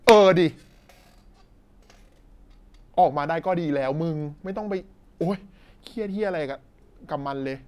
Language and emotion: Thai, angry